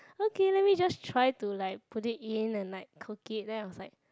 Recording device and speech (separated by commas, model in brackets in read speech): close-talking microphone, conversation in the same room